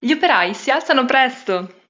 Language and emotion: Italian, happy